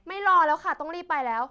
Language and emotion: Thai, frustrated